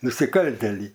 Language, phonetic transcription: Lithuanian, nusiˈkaltėlį

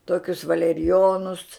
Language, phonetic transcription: Lithuanian, ˈtokius valeriˈjonus

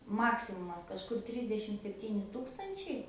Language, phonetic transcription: Lithuanian, ˈmaksimumas kažˈkur ˈtrisdešim sepˈtyni ˈtūkstančiai

